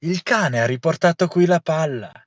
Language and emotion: Italian, surprised